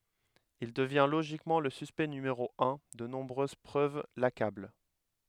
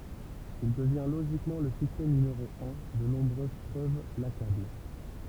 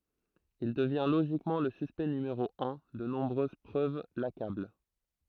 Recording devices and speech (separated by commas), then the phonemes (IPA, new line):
headset microphone, temple vibration pickup, throat microphone, read sentence
il dəvjɛ̃ loʒikmɑ̃ lə syspɛkt nymeʁo œ̃ də nɔ̃bʁøz pʁøv lakabl